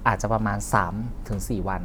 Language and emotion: Thai, neutral